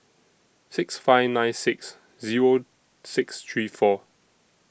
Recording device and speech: boundary microphone (BM630), read sentence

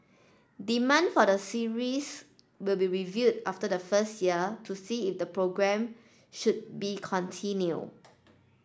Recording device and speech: standing microphone (AKG C214), read sentence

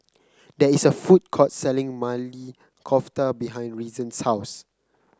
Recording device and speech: close-talking microphone (WH30), read sentence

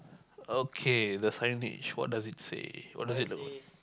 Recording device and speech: close-talking microphone, conversation in the same room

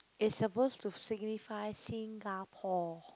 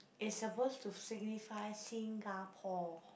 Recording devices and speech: close-talking microphone, boundary microphone, conversation in the same room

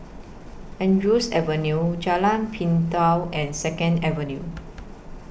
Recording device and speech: boundary microphone (BM630), read sentence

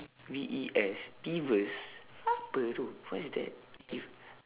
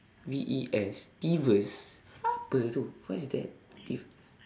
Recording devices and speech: telephone, standing microphone, conversation in separate rooms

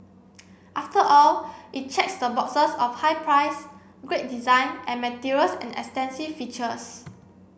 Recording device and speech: boundary microphone (BM630), read sentence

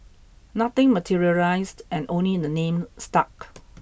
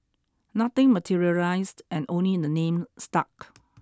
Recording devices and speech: boundary microphone (BM630), standing microphone (AKG C214), read sentence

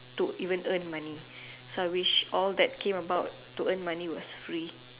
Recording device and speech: telephone, conversation in separate rooms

